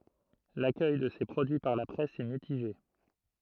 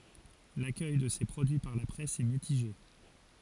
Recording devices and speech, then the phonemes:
throat microphone, forehead accelerometer, read sentence
lakœj də se pʁodyi paʁ la pʁɛs ɛ mitiʒe

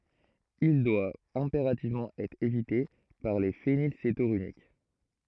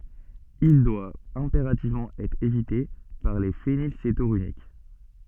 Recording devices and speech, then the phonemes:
throat microphone, soft in-ear microphone, read sentence
il dwa ɛ̃peʁativmɑ̃ ɛtʁ evite paʁ le fenilsetonyʁik

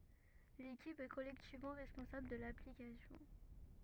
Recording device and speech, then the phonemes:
rigid in-ear microphone, read sentence
lekip ɛ kɔlɛktivmɑ̃ ʁɛspɔ̃sabl də laplikasjɔ̃

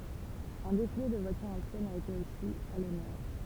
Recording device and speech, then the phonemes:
temple vibration pickup, read sentence
œ̃ defile də vwatyʁz ɑ̃sjɛnz a ete osi a lɔnœʁ

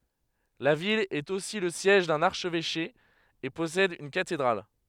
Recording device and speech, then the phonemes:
headset microphone, read sentence
la vil ɛt osi lə sjɛʒ dœ̃n aʁʃvɛʃe e pɔsɛd yn katedʁal

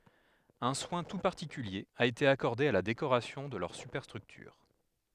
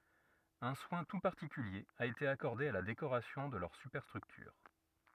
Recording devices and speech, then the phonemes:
headset microphone, rigid in-ear microphone, read sentence
œ̃ swɛ̃ tu paʁtikylje a ete akɔʁde a la dekoʁasjɔ̃ də lœʁ sypɛʁstʁyktyʁ

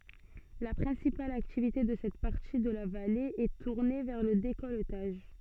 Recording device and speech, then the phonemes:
soft in-ear microphone, read sentence
la pʁɛ̃sipal aktivite də sɛt paʁti də la vale ɛ tuʁne vɛʁ lə dekɔltaʒ

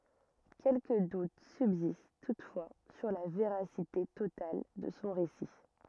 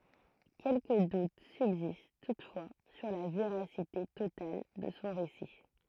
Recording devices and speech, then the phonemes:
rigid in-ear microphone, throat microphone, read sentence
kɛlkə dut sybzist tutfwa syʁ la veʁasite total də sɔ̃ ʁesi

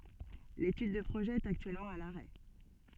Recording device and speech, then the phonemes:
soft in-ear microphone, read sentence
letyd də pʁoʒɛ ɛt aktyɛlmɑ̃ a laʁɛ

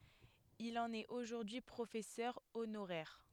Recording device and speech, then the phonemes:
headset microphone, read sentence
il ɑ̃n ɛt oʒuʁdyi pʁofɛsœʁ onoʁɛʁ

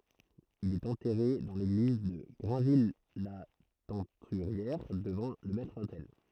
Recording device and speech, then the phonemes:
throat microphone, read sentence
il ɛt ɑ̃tɛʁe dɑ̃ leɡliz də ɡʁɛ̃vijlatɛ̃tyʁjɛʁ dəvɑ̃ lə mɛtʁotɛl

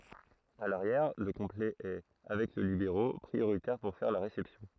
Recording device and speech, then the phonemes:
throat microphone, read sentence
a laʁjɛʁ lə kɔ̃plɛ ɛ avɛk lə libeʁo pʁioʁitɛʁ puʁ fɛʁ la ʁesɛpsjɔ̃

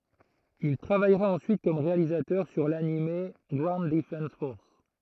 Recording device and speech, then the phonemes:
throat microphone, read sentence
il tʁavajʁa ɑ̃syit kɔm ʁealizatœʁ syʁ lanim ɡwaund dəfɑ̃s fɔʁs

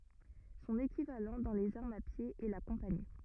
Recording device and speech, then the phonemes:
rigid in-ear microphone, read sentence
sɔ̃n ekivalɑ̃ dɑ̃ lez aʁmz a pje ɛ la kɔ̃pani

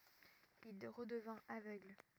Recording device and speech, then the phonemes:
rigid in-ear microphone, read sentence
il ʁədəvɛ̃t avøɡl

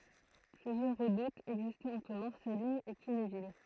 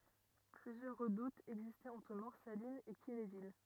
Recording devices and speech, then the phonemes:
throat microphone, rigid in-ear microphone, read sentence
plyzjœʁ ʁədutz ɛɡzistɛt ɑ̃tʁ mɔʁsalinz e kinevil

